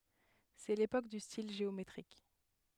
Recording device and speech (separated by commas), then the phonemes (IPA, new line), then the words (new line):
headset microphone, read sentence
sɛ lepok dy stil ʒeometʁik
C'est l'époque du style géométrique.